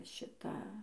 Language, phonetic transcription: Lithuanian, ˈšita

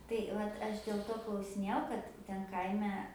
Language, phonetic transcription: Lithuanian, tai ˈvat ˈaš dėl ˈto klausiˈnėjau ˈkad ˈten ˈkaime

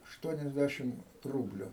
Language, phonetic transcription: Lithuanian, ašˈtuoniasdæšim ˈrūbliu

